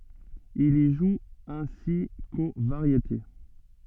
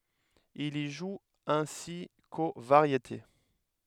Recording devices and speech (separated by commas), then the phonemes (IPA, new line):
soft in-ear microphone, headset microphone, read sentence
il i ʒu ɛ̃si ko vaʁjete